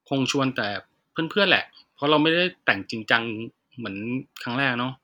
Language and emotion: Thai, neutral